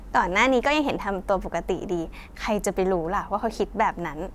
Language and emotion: Thai, happy